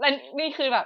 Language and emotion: Thai, happy